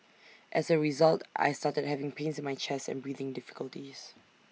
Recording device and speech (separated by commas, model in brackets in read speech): mobile phone (iPhone 6), read sentence